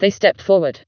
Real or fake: fake